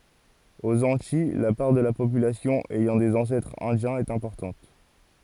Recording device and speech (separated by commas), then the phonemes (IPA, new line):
forehead accelerometer, read sentence
oz ɑ̃tij la paʁ də la popylasjɔ̃ ɛjɑ̃ dez ɑ̃sɛtʁz ɛ̃djɛ̃z ɛt ɛ̃pɔʁtɑ̃t